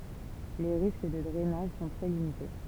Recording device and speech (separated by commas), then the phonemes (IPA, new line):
temple vibration pickup, read sentence
le ʁisk də dʁɛnaʒ sɔ̃ tʁɛ limite